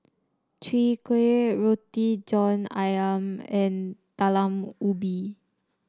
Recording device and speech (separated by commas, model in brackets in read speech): standing microphone (AKG C214), read sentence